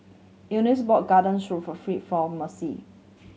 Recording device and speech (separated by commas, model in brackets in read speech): mobile phone (Samsung C7100), read sentence